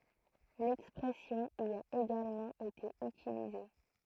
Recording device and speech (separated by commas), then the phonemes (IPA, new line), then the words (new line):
throat microphone, read sentence
lɛkspʁɛsjɔ̃ i a eɡalmɑ̃ ete ytilize
L'expression y a également été utilisée.